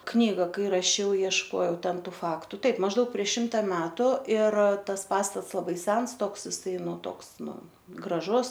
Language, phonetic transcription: Lithuanian, ˈknyga ˈkai raˈšiau iešˈkojau ˈten ˈtų ˈfaktu ˈtaip mažˈdaug prieš ˈšimta ˈmetu ir ˈtas ˈpastats laˈbai ˈsens ˈtoks iˈsai ˈnu ˈtoks ˈnu graˈžus

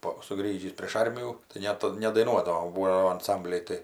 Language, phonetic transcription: Lithuanian, ˈpo suˈgrįžįs prėš ˈarmijų tai ˈnet nedaiˈnuodavom ˈbūo jau anˈsambliai ˈtai

